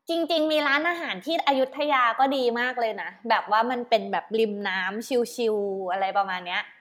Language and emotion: Thai, happy